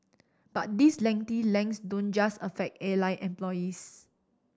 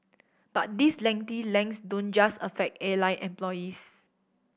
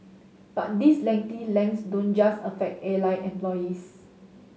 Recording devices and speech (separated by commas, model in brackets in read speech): standing microphone (AKG C214), boundary microphone (BM630), mobile phone (Samsung S8), read sentence